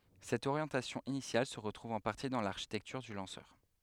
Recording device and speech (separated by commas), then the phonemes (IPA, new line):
headset microphone, read sentence
sɛt oʁjɑ̃tasjɔ̃ inisjal sə ʁətʁuv ɑ̃ paʁti dɑ̃ laʁʃitɛktyʁ dy lɑ̃sœʁ